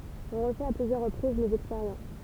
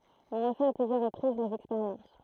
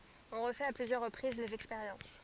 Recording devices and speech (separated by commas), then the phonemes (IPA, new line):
temple vibration pickup, throat microphone, forehead accelerometer, read sentence
ɔ̃ ʁəfɛt a plyzjœʁ ʁəpʁiz lez ɛkspeʁjɑ̃s